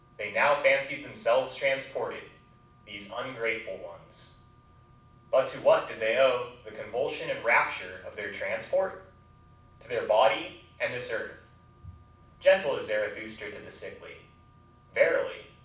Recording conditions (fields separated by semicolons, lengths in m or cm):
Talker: one person; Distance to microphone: 5.8 m; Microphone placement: far; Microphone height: 1.8 m; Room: medium-sized (5.7 m by 4.0 m); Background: none